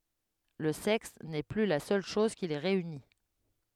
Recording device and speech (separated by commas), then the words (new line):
headset microphone, read sentence
Le sexe n'est plus la seule chose qui les réunit.